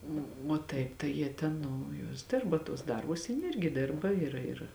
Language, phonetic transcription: Lithuanian, o o ˈtaip tai ˈjie ten ˈnu ˈjuos ˈdirba tuos ˈdarbus ˈjin ˈirgi ˈdirba ir ir

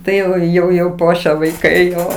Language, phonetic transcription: Lithuanian, ˈtai jau jau jau ˈpuošia vaiˈkai ˈjo

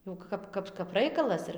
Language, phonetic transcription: Lithuanian, jau ˈkap ˈkap kap ˈraikalas ir

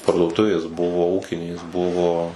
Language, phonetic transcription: Lithuanian, parduoˈtuvės ˈbuvo ˈūkinės ˈbuvo

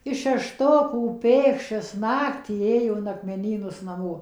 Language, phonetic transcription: Lithuanian, iš šeˈštokų ˈpėkščias ˈnaktį ˈėjo in akmeˈnynus naˈmo

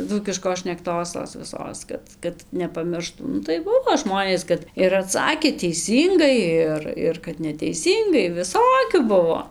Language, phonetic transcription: Lithuanian, ˈdzūkiškos šnekˈtos tos viˈsos ˈkad kad nepaˈmirštų ˈnu tai ˈbuvo ˈžmonės ˈkad ir aˈtsakė teiˈsyngai ˈir ˈir kad neteiˈsyngai viˈsokių ˈbuvo

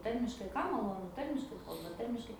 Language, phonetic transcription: Lithuanian, ˈtarmiškai ˈkam maˈlonu ˈtarmiškai ˈkalba ˈtarmiškai

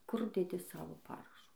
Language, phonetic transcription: Lithuanian, kur deˈdi ˈsavo ˈparašu

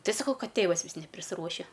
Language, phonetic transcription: Lithuanian, ˈtai saˈkau ˈkad ˈtėvas ˈvis neprisˈruošia

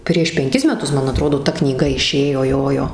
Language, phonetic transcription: Lithuanian, prieš penˈkis meˈtus ˈman aˈtrodo ˈta knyˈga iˈšėjo ˈjojo

